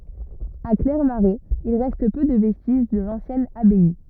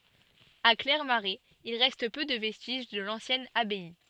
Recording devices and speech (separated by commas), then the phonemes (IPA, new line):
rigid in-ear microphone, soft in-ear microphone, read sentence
a klɛʁmaʁɛz il ʁɛst pø də vɛstiʒ də lɑ̃sjɛn abaj